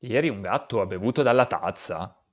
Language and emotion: Italian, surprised